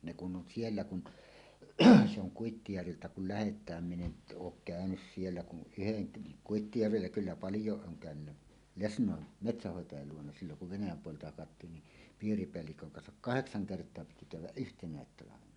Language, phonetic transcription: Finnish, ne kun ’on 'siellä kun , se ‿oŋ 'Kuittijärviltä kul- "lähet̀ääm min ‿en , "ook "käönys 'siellä kun "ˀyheŋ ke- , 'Kuittijärvillä 'kyllä "paljòeˀ 'ˀooŋ kä̀önynnä "lesǹòen , "metsähhòetajal 'luona silloŋ kuv "Venäjäm 'puolelta hakattiin ni , 'piiripeälliköŋ kansak "kaheksaŋ 'kert̀oa piti käyw̆wäˀ "ˀyhteǹä̀et 'talavena .
- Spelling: ne kun on siellä kun se on Kuittijärviltä kun lähdetään minä en ole käynyt siellä kuin yhden - Kuittijärvillä kyllä paljon olen käynyt lesnoin metsänhoitajalla luona silloin kun Venäjän puolelta hakattiin niin piiripäällikön kanssa kahdeksan kertaa piti käydä yhtenä talvena

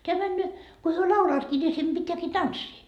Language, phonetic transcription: Finnish, teä männöö , ko hyö 'laulaatki ni sem Bittääkii "tanssii .
- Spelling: tämä menee kun he laulavatkin niin sen pitääkin tanssia

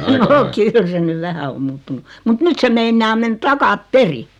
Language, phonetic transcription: Finnish, noo 'kyl se nyv 'vähä o 'muuttunu , mut 'nyt se meinnaa 'men "takap"peri .
- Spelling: no kyllä se nyt vähän on muuttunut mutta nyt se meinaa mennä takaperin

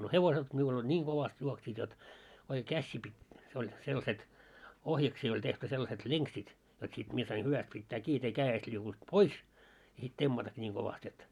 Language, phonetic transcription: Finnish, no 'hevoset miul ‿oĺ 'ńiiŋ ɢovast juoksiit jot , oike 'kässii pit̀ , se oĺ , sellᵃset , 'ohjaksii oĺ tehty sellaset "leŋksit , jot sit 'mie sain 'hyväst pittää kii jot ‿ei 'kää₍est liukunt "pois , ja sit 'temmatakki ńiiŋ 'kovast ‿et .
- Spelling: no hevoset minulla oli niin kovasti juoksivat jotta oikein käsiä piti se oli sellaiset ohjaksiin oli tehty sellaiset lenkit jotta sitten minä sain hyvästi pitää kiinni jotta ei kädestä liukunut pois ja sitten temmatakin niin kovasti että

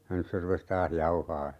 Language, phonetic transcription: Finnish, ja 'nys se rupes "taah 'jauhaa .
- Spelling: ja nyt se rupesi taas jauhamaan

